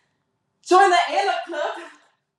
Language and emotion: English, surprised